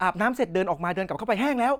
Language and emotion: Thai, happy